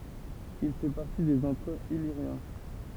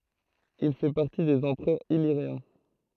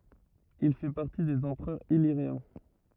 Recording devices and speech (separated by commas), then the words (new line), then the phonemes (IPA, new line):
temple vibration pickup, throat microphone, rigid in-ear microphone, read sentence
Il fait partie des empereurs illyriens.
il fɛ paʁti dez ɑ̃pʁœʁz iliʁjɛ̃